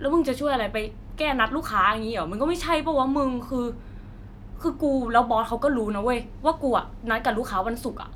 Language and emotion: Thai, frustrated